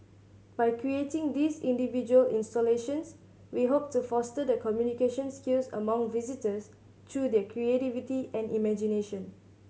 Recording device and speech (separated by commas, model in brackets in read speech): mobile phone (Samsung C7100), read sentence